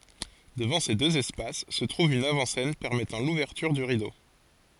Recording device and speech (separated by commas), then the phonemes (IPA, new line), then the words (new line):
forehead accelerometer, read sentence
dəvɑ̃ se døz ɛspas sə tʁuv yn avɑ̃ sɛn pɛʁmɛtɑ̃ luvɛʁtyʁ dy ʁido
Devant ces deux espaces se trouve une avant-scène permettant l’ouverture du rideau.